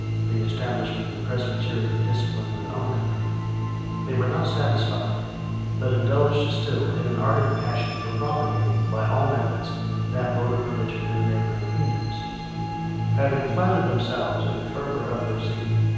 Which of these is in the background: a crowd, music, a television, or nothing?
Music.